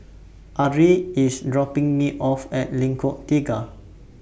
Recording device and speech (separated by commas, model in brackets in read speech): boundary microphone (BM630), read sentence